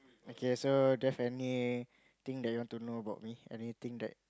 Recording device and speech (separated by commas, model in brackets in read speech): close-talking microphone, conversation in the same room